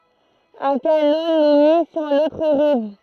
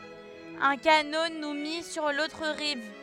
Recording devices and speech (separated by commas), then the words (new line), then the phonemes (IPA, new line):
throat microphone, headset microphone, read sentence
Un canot nous mit sur l'autre rive.
œ̃ kano nu mi syʁ lotʁ ʁiv